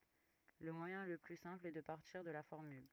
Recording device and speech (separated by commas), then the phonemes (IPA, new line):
rigid in-ear microphone, read sentence
lə mwajɛ̃ lə ply sɛ̃pl ɛ də paʁtiʁ də la fɔʁmyl